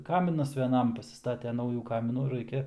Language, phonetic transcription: Lithuanian, ˈkaminas veˈnam pasisˈtate ˈnaujų ˈkaminų ˈraikia

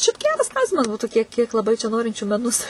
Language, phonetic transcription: Lithuanian, šiaip ˈgeras ˈklausimas ˈbūtų ˈkiek ˈkiek laˈbai čia ˈnorinčių meˈnus

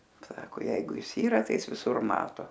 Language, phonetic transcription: Lithuanian, ˈsako ˈjeigu ˈis ˈyra tai ˈis viˈsur ˈmato

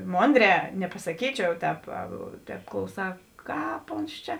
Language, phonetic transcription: Lithuanian, ˈmonˌdrē nepasaˈkyčiau ˈtēp ˈtēp klauˈsā ˈkāp ons ˈčia

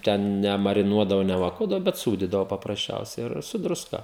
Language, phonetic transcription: Lithuanian, ˈten nemariˈnuodavo nevaˈkuodavo bet ˈsūdydavo paprasˈčiausiai ˈir su druˈska

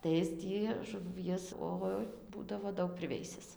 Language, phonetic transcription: Lithuanian, tai ˈis tį žuˈvies ˈoi ˈbūdavo ˈdaug priˈveisis

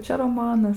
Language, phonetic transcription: Lithuanian, ˈčia roˈmanas

